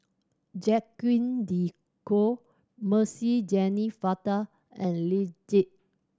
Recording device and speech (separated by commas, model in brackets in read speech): standing microphone (AKG C214), read sentence